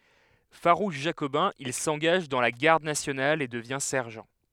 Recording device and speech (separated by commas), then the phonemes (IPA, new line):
headset microphone, read sentence
faʁuʃ ʒakobɛ̃ il sɑ̃ɡaʒ dɑ̃ la ɡaʁd nasjonal e dəvjɛ̃ sɛʁʒɑ̃